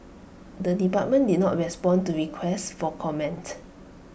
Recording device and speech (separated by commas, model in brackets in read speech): boundary microphone (BM630), read sentence